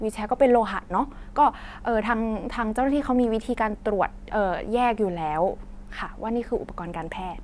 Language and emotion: Thai, neutral